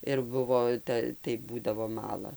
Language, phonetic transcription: Lithuanian, ir ˈbuvo ˈta tai ˈbūdavo ˈmala

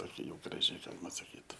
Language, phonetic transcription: Lithuanian, ˈtokia jau graˈži ˈgalima saˈkyt

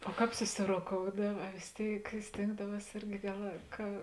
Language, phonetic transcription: Lithuanian, o ˈkāp susiroˈkoudav a vės ˈtėik ˈstėngdaˌvuos ˈirgi ˈgal ka

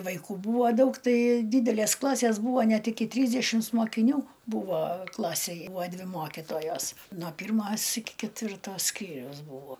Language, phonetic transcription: Lithuanian, vaiˈkų ˈbūvo ˈdaug ˈtai ˈdydelės ˈklasės ˈbūvo ˈnet iki ˈtrysdešims mokiˈnių ˈbūvo ˈklasėj ˈbūo ˈdvi ˈmokitojos no ˈpyrˌmos iki ketˈvirto ˈskyriaus ˈbūvo

